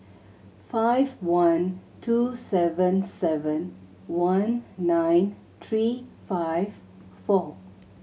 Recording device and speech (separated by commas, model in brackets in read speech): mobile phone (Samsung C7100), read sentence